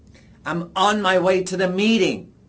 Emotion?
angry